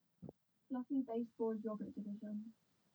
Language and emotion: English, sad